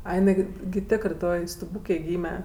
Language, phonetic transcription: Lithuanian, ˈai jiˈnai gi gi ˈtėkrɜ ˈtoj stuˈbūkėj ˈgyme

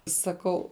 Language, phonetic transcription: Lithuanian, saˈkau

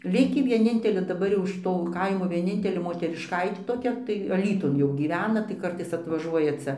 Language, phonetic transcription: Lithuanian, ˈlikį vieˈnintelė daˈbar jau iš ˈto ˈkaimo vieˈnintelė moterišˈkaitė toˈkia tai aˈlytun jau gyˈvena tai ˈkartais atvaˈžuoja ˈcia

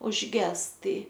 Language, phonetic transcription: Lithuanian, užˈges ˈtai

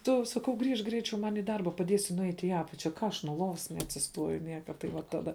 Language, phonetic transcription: Lithuanian, ˈtu saˈkau ˈgrįžk ˈgreičiau ˈman' į ˈdarba paˈdiesi nuˈeit' į ˈapačia ˈką aš nuo ˈlovas neatsisˈtuoju ˈnieka tai ˈva ˈtada

